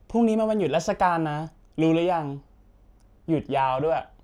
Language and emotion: Thai, neutral